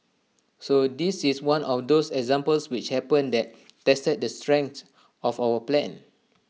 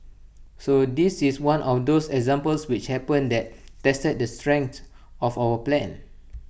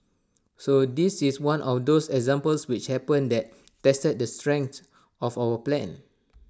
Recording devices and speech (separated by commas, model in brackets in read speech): mobile phone (iPhone 6), boundary microphone (BM630), standing microphone (AKG C214), read sentence